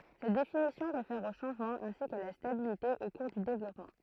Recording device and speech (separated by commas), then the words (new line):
throat microphone, read sentence
Cette définition réfère aux changements ainsi qu'à la stabilité au cours du développement.